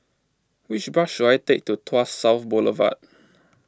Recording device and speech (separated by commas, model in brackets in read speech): close-talking microphone (WH20), read sentence